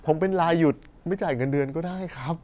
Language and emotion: Thai, sad